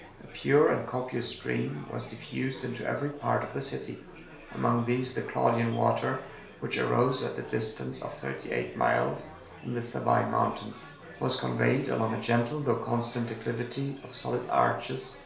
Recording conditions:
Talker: one person; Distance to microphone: 1.0 m; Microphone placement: close; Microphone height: 1.1 m; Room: small (3.7 m by 2.7 m); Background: babble

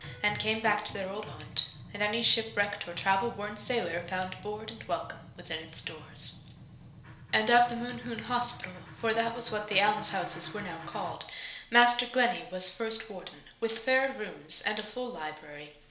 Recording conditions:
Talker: one person; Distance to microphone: 1.0 m; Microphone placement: close; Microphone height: 1.1 m; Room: small (3.7 m by 2.7 m); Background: music

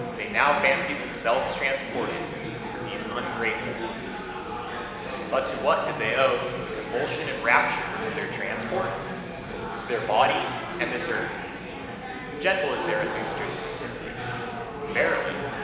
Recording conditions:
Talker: one person; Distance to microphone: 1.7 m; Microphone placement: close; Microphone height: 1.0 m; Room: very reverberant, large; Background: babble

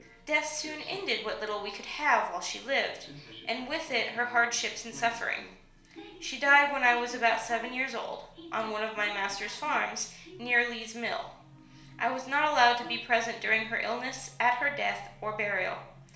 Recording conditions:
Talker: one person; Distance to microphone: 1.0 m; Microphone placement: close; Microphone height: 1.1 m; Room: small (3.7 m by 2.7 m); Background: television

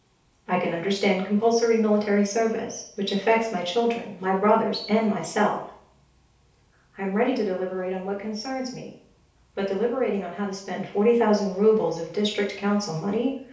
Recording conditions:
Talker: one person; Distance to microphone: 3.0 m; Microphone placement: far; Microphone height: 1.8 m; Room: small (3.7 m by 2.7 m); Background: none

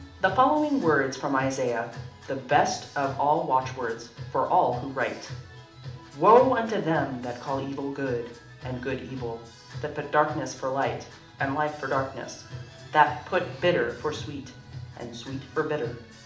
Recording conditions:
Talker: one person; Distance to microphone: 2.0 m; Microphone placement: close; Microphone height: 99 cm; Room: medium-sized (5.7 m by 4.0 m); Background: music

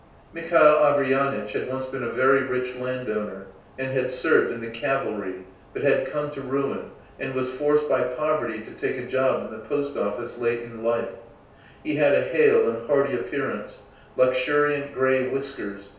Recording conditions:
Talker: one person; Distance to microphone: 3.0 m; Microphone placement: far; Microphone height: 1.8 m; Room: small (3.7 m by 2.7 m); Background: none

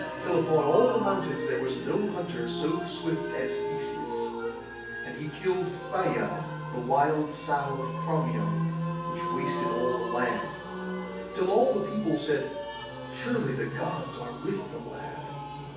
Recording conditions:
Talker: one person; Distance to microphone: 9.8 m; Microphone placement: far; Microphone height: 1.8 m; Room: large; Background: music

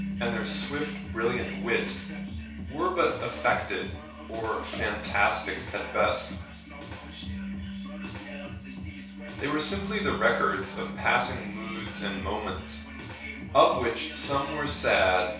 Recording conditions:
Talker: one person; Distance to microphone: 3.0 m; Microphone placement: far; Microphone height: 1.8 m; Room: small (3.7 m by 2.7 m); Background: music

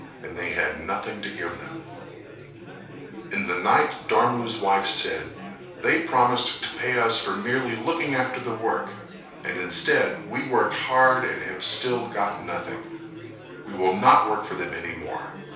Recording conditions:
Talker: one person; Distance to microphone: 3.0 m; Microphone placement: far; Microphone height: 1.8 m; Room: small (3.7 m by 2.7 m); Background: babble

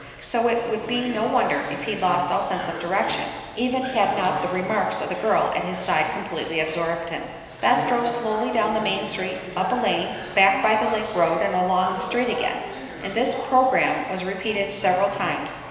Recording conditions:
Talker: one person; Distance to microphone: 1.7 m; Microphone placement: close; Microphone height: 1.0 m; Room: very reverberant, large; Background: television

